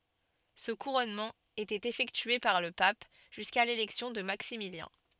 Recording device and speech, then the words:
soft in-ear microphone, read sentence
Ce couronnement était effectué par le pape, jusqu'à l'élection de Maximilien.

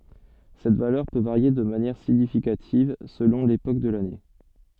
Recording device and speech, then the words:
soft in-ear microphone, read sentence
Cette valeur peut varier de manière significative selon l’époque de l’année.

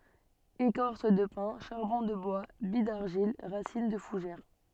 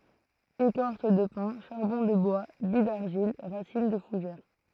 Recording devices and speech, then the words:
soft in-ear microphone, throat microphone, read sentence
Écorce de pin, charbon de bois, billes d'argile, racines de fougères.

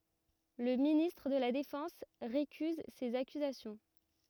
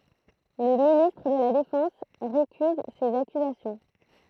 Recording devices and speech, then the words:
rigid in-ear microphone, throat microphone, read sentence
Le ministre de la Défense récuse ces accusations.

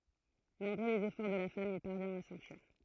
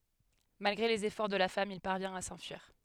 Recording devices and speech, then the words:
throat microphone, headset microphone, read sentence
Malgré les efforts de la femme, il parvient à s'enfuir.

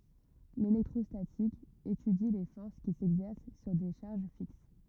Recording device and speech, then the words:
rigid in-ear microphone, read sentence
L'électrostatique étudie les forces qui s'exercent sur des charges fixes.

